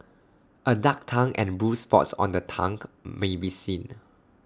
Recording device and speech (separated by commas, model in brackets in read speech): standing microphone (AKG C214), read sentence